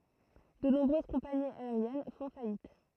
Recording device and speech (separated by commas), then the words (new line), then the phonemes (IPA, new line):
throat microphone, read sentence
De nombreuses compagnies aériennes font faillite.
də nɔ̃bʁøz kɔ̃paniz aeʁjɛn fɔ̃ fajit